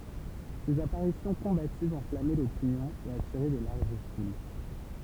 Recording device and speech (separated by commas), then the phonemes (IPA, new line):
temple vibration pickup, read sentence
sez apaʁisjɔ̃ kɔ̃bativz ɑ̃flamɛ lopinjɔ̃ e atiʁɛ də laʁʒ ful